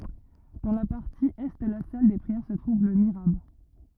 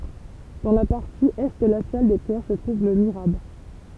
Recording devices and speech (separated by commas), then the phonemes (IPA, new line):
rigid in-ear microphone, temple vibration pickup, read sentence
dɑ̃ la paʁti ɛ də la sal de pʁiɛʁ sə tʁuv lə miʁab